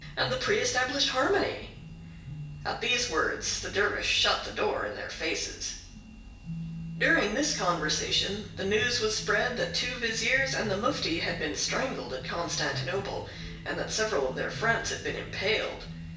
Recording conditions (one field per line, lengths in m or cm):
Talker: one person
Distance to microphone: 1.8 m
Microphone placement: close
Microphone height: 1.0 m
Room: large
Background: music